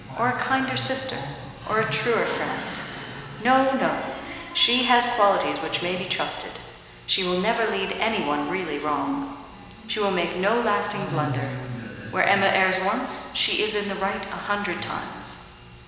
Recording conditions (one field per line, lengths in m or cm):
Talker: one person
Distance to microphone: 1.7 m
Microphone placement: close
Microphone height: 1.0 m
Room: very reverberant, large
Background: television